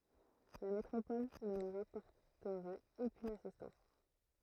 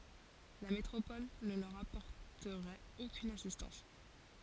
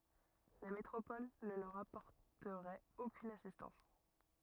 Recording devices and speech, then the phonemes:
throat microphone, forehead accelerometer, rigid in-ear microphone, read sentence
la metʁopɔl nə lœʁ apɔʁtəʁɛt okyn asistɑ̃s

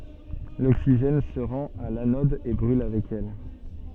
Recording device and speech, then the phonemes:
soft in-ear microphone, read sentence
loksiʒɛn sə ʁɑ̃t a lanɔd e bʁyl avɛk ɛl

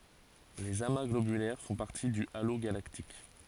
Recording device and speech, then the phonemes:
forehead accelerometer, read sentence
lez ama ɡlobylɛʁ fɔ̃ paʁti dy alo ɡalaktik

